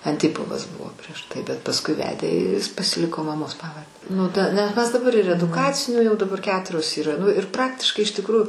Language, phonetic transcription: Lithuanian, anˈtipovas ˈbuvo prieš tai bet pasˈkui ˈvedė ir jis pasiˈliko maˈmos ˈpavarde nu ˈta nes ˈmes daˈbar ir eduˈkacinių jau daˈbar ˈketurios yˈra ˈnu ir ˈpraktiškai iš tikˈrųju

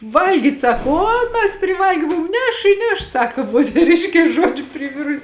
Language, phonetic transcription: Lithuanian, ˈvalgyt' ˈsako ˈo mes priˈvalgė ˈmum ˈneš i ˈneš ˈsako moteˈriškės ˈžuodžiu priˈvirusi

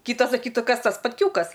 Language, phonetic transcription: Lithuanian, ˈkytas saˈkytų ˈkas ˈtas spatˈkiūkas

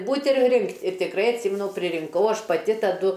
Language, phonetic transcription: Lithuanian, ˈbūt' ir ˈrinkt' ir tikˈrai atˈsimenu pririnˈkau ˈaš paˈti taˈdu

